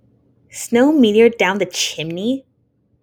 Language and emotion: English, disgusted